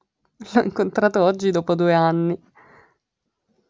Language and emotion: Italian, happy